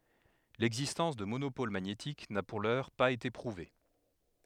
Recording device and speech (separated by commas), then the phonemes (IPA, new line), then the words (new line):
headset microphone, read sentence
lɛɡzistɑ̃s də monopol maɲetik na puʁ lœʁ paz ete pʁuve
L'existence de monopôles magnétiques n'a pour l'heure pas été prouvée.